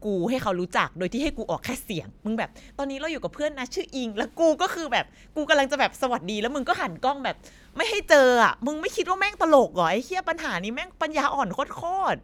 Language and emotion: Thai, frustrated